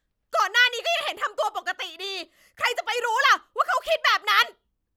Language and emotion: Thai, angry